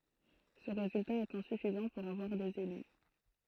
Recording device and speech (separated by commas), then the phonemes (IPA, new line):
throat microphone, read sentence
sə ʁezylta ɛt ɛ̃syfizɑ̃ puʁ avwaʁ dez ely